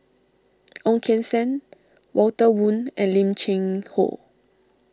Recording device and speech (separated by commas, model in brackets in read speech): standing microphone (AKG C214), read sentence